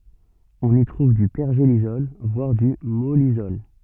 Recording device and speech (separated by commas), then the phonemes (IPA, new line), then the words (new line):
soft in-ear microphone, read sentence
ɔ̃n i tʁuv dy pɛʁʒelisɔl vwaʁ dy mɔlisɔl
On y trouve du pergélisol, voire du mollisol.